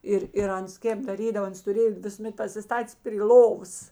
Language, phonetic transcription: Lithuanian, ˈir ir ˈans ˈkėp daˈrydavo ˈans tuˈrėjo visuˈmet pasiˈstatės pri ˈlovos

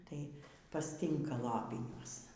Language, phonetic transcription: Lithuanian, tai pasˈtynka ˈlapiniuos

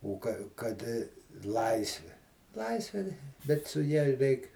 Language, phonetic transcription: Lithuanian, u ˈka ˈkad ˈlaisvi ˈlaisvė tai bet su ˈja ˈreik

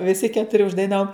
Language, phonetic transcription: Lithuanian, viˈsi ketuˈri uždaiˈnavom

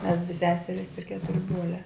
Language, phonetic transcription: Lithuanian, mes dvi ˈseseris ir ˈketuri ˈbruoliā

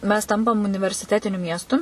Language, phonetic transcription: Lithuanian, mes ˈtampam universiˈtetiniu ˈmiestu

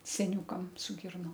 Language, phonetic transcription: Lithuanian, seˈniūkam su ˈgirnom

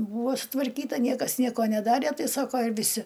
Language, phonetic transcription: Lithuanian, ˈbūvo sutvarˈkyta ˈniekas ˈnieko neˈdarė ˈtai ˈsako ir viˈsi

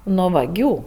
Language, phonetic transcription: Lithuanian, no vaˈgių

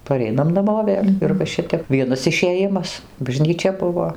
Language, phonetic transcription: Lithuanian, paˈreinam naˈmo ˈvėl' ir va ˈšitep ˈvienas išėˈjimas bažnyˈčia ˈbuvo

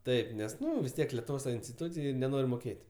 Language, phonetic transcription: Lithuanian, ˈtaip ˈnes ˈnu vis ˈtiek letuvˈos ta instiˈtūcij neˈnor' moˈkėt'

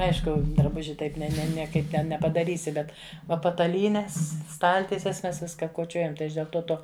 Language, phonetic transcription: Lithuanian, ˈaišku draˈbuži ˈtaip ne ˈne nieˈkaip ˈne nepadaˈrysi ˈbet ˈva pataˈlynes ˈstaltieses ˈmes ˈviska koˈčiojam tai ˈaš dėl ˈto ˈto

